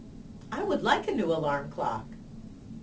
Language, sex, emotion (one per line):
English
female
happy